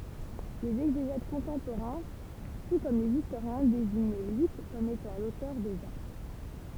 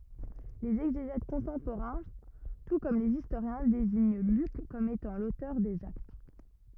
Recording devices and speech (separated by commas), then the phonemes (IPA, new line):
temple vibration pickup, rigid in-ear microphone, read sentence
lez ɛɡzeʒɛt kɔ̃tɑ̃poʁɛ̃ tu kɔm lez istoʁjɛ̃ deziɲ lyk kɔm etɑ̃ lotœʁ dez akt